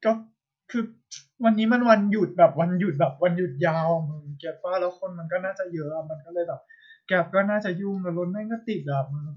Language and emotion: Thai, frustrated